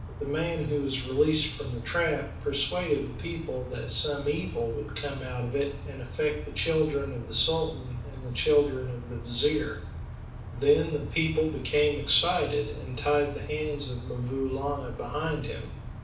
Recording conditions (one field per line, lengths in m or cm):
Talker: one person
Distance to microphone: 5.8 m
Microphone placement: far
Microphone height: 1.8 m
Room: medium-sized (5.7 m by 4.0 m)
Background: none